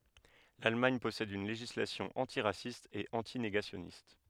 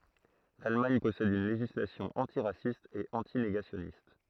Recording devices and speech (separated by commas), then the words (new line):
headset microphone, throat microphone, read sentence
L'Allemagne possède une législation antiraciste et anti-négationniste.